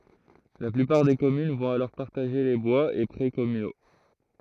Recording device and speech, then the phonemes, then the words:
throat microphone, read sentence
la plypaʁ de kɔmyn vɔ̃t alɔʁ paʁtaʒe le bwaz e pʁɛ kɔmyno
La plupart des communes vont alors partager les bois et près communaux.

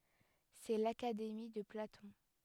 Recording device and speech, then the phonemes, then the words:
headset microphone, read sentence
sɛ lakademi də platɔ̃
C'est l’Académie de Platon.

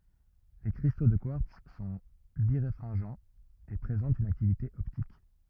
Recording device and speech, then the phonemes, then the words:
rigid in-ear microphone, read sentence
le kʁisto də kwaʁts sɔ̃ biʁefʁɛ̃ʒɑ̃z e pʁezɑ̃tt yn aktivite ɔptik
Les cristaux de quartz sont biréfringents, et présentent une activité optique.

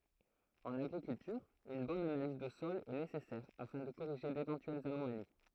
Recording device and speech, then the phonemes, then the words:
throat microphone, read sentence
ɑ̃n aɡʁikyltyʁ yn bɔn analiz də sɔl ɛ nesɛsɛʁ afɛ̃ də koʁiʒe devɑ̃tyɛlz anomali
En agriculture, une bonne analyse de sol est nécessaire afin de corriger d'éventuelles anomalies.

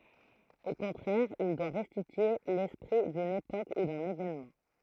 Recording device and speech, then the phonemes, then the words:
throat microphone, read sentence
o kɔ̃tʁɛʁ il dwa ʁɛstitye lɛspʁi dyn epok u dœ̃n evenmɑ̃
Au contraire, il doit restituer l’esprit d’une époque ou d’un événement.

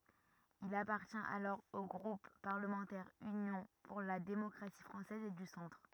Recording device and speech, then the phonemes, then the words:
rigid in-ear microphone, read sentence
il apaʁtjɛ̃t alɔʁ o ɡʁup paʁləmɑ̃tɛʁ ynjɔ̃ puʁ la demɔkʁasi fʁɑ̃sɛz e dy sɑ̃tʁ
Il appartient alors au groupe parlementaire Union pour la démocratie française et du centre.

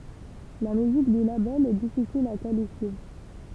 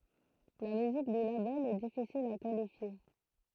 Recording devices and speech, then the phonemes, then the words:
temple vibration pickup, throat microphone, read sentence
la myzik dy labɛl ɛ difisil a kalifje
La musique du label est difficile à qualifier.

